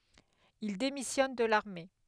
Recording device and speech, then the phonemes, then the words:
headset microphone, read sentence
il demisjɔn də laʁme
Il démissionne de l'armée.

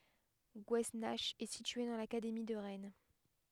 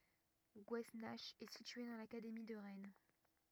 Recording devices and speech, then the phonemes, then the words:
headset microphone, rigid in-ear microphone, read sentence
ɡwɛsnak ɛ sitye dɑ̃ lakademi də ʁɛn
Gouesnach est située dans l'académie de Rennes.

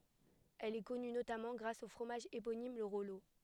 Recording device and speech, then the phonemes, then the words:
headset microphone, read sentence
ɛl ɛ kɔny notamɑ̃ ɡʁas o fʁomaʒ eponim lə ʁɔlo
Elle est connue notamment grâce au fromage éponyme, le Rollot.

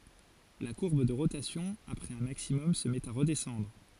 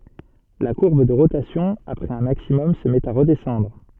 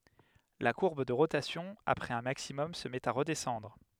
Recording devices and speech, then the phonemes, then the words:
forehead accelerometer, soft in-ear microphone, headset microphone, read sentence
la kuʁb də ʁotasjɔ̃ apʁɛz œ̃ maksimɔm sə mɛt a ʁədɛsɑ̃dʁ
La courbe de rotation, après un maximum, se met à redescendre.

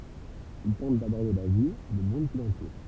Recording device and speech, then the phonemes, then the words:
temple vibration pickup, read sentence
il tɑ̃t dabɔʁde la vi lə mɔ̃d ki lɑ̃tuʁ
Il tente d’aborder la vie, le monde qui l’entoure.

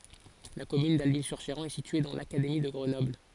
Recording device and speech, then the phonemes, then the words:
forehead accelerometer, read sentence
la kɔmyn dalbi syʁ ʃeʁɑ̃ ɛ sitye dɑ̃ lakademi də ɡʁənɔbl
La commune d'Alby-sur-Chéran est située dans l'académie de Grenoble.

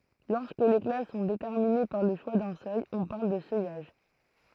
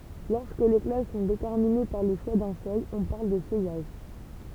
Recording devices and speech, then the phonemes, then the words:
throat microphone, temple vibration pickup, read sentence
lɔʁskə le klas sɔ̃ detɛʁmine paʁ lə ʃwa dœ̃ sœj ɔ̃ paʁl də sœjaʒ
Lorsque les classes sont déterminées par le choix d'un seuil, on parle de seuillage.

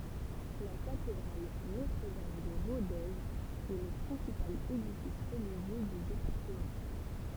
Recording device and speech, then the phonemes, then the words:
temple vibration pickup, read sentence
la katedʁal notʁədam də ʁodez ɛ lə pʁɛ̃sipal edifis ʁəliʒjø dy depaʁtəmɑ̃
La cathédrale Notre-Dame de Rodez est le principal édifice religieux du département.

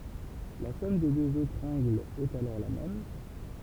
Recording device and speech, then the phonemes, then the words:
temple vibration pickup, read sentence
la sɔm de døz otʁz ɑ̃ɡlz ɛt alɔʁ la mɛm
La somme des deux autres angles est alors la même.

